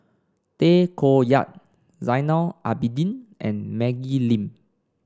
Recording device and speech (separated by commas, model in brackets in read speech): standing microphone (AKG C214), read sentence